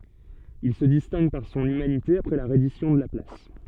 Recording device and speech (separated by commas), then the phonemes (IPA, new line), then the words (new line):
soft in-ear microphone, read sentence
il sə distɛ̃ɡ paʁ sɔ̃n ymanite apʁɛ la ʁɛdisjɔ̃ də la plas
Il se distingue par son humanité après la reddition de la place.